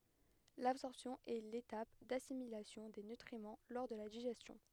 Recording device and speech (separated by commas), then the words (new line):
headset microphone, read sentence
L'absorption est l'étape d'assimilation des nutriments lors de la digestion.